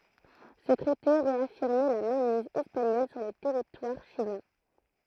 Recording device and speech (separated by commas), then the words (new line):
throat microphone, read sentence
Ce traité réaffirmait la mainmise espagnole sur le territoire chilien.